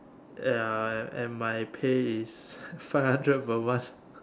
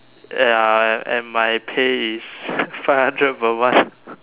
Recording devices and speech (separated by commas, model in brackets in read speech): standing microphone, telephone, conversation in separate rooms